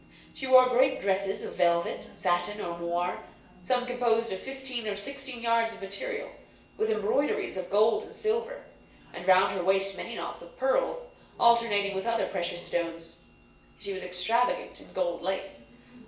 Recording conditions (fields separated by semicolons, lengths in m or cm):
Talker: one person; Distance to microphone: 1.8 m; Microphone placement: close; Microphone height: 1.0 m; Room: large; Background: television